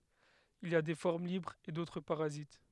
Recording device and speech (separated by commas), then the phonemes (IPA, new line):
headset microphone, read sentence
il i a de fɔʁm libʁz e dotʁ paʁazit